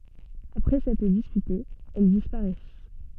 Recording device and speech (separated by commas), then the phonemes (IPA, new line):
soft in-ear microphone, read sentence
apʁɛ sɛtʁ dispytez ɛl dispaʁɛs